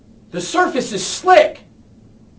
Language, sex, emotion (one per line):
English
male
fearful